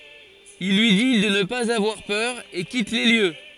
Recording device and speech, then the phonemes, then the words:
forehead accelerometer, read sentence
il lyi di də nə paz avwaʁ pœʁ e kit le ljø
Il lui dit de ne pas avoir peur et quitte les lieux.

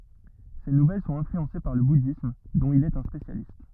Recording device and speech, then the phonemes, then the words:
rigid in-ear microphone, read sentence
se nuvɛl sɔ̃t ɛ̃flyɑ̃se paʁ lə budism dɔ̃t il ɛt œ̃ spesjalist
Ses nouvelles sont influencées par le bouddhisme, dont il est un spécialiste.

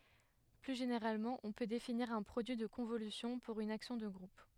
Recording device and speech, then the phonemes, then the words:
headset microphone, read sentence
ply ʒeneʁalmɑ̃ ɔ̃ pø definiʁ œ̃ pʁodyi də kɔ̃volysjɔ̃ puʁ yn aksjɔ̃ də ɡʁup
Plus généralement, on peut définir un produit de convolution pour une action de groupe.

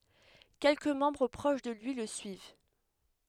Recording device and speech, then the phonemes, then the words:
headset microphone, read sentence
kɛlkə mɑ̃bʁ pʁoʃ də lyi lə syiv
Quelques membres proches de lui le suivent.

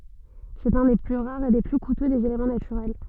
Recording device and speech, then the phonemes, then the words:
soft in-ear microphone, read sentence
sɛt œ̃ de ply ʁaʁz e de ply kutø dez elemɑ̃ natyʁɛl
C'est un des plus rares et des plus coûteux des éléments naturels.

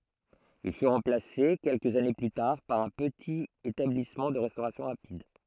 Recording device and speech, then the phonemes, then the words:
throat microphone, read sentence
il fy ʁɑ̃plase kɛlkəz ane ply taʁ paʁ œ̃ pətit etablismɑ̃ də ʁɛstoʁasjɔ̃ ʁapid
Il fut remplacé quelques années plus tard par un petit établissement de restauration rapide.

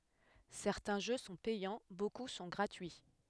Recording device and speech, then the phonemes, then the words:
headset microphone, read sentence
sɛʁtɛ̃ ʒø sɔ̃ pɛjɑ̃ boku sɔ̃ ɡʁatyi
Certains jeux sont payants, beaucoup sont gratuits.

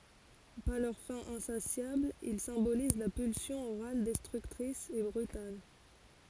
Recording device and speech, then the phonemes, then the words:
forehead accelerometer, read sentence
paʁ lœʁ fɛ̃ ɛ̃sasjabl il sɛ̃boliz la pylsjɔ̃ oʁal dɛstʁyktʁis e bʁytal
Par leur faim insatiable, ils symbolisent la pulsion orale destructrice et brutale.

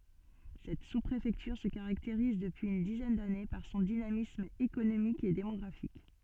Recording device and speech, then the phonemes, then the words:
soft in-ear microphone, read sentence
sɛt suspʁefɛktyʁ sə kaʁakteʁiz dəpyiz yn dizɛn dane paʁ sɔ̃ dinamism ekonomik e demɔɡʁafik
Cette sous-préfecture se caractérise, depuis une dizaine d'années, par son dynamisme économique et démographique.

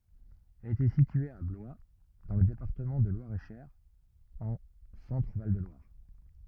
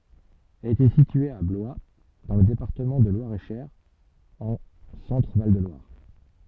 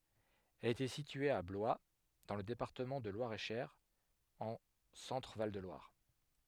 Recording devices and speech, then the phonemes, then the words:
rigid in-ear microphone, soft in-ear microphone, headset microphone, read sentence
ɛl etɛ sitye a blwa dɑ̃ lə depaʁtəmɑ̃ də lwaʁɛtʃœʁ ɑ̃ sɑ̃tʁəval də lwaʁ
Elle était située à Blois dans le département de Loir-et-Cher en Centre-Val de Loire.

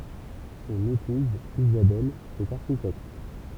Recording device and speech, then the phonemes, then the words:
temple vibration pickup, read sentence
sɔ̃n epuz izabɛl ɛt aʁʃitɛkt
Son épouse Isabelle est architecte.

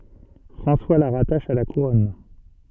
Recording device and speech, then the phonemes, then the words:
soft in-ear microphone, read sentence
fʁɑ̃swa la ʁataʃ a la kuʁɔn
François la rattache à la Couronne.

